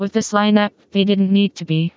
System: TTS, vocoder